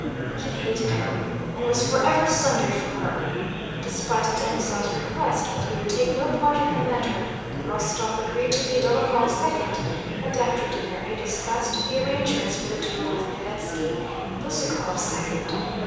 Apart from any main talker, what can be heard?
Crowd babble.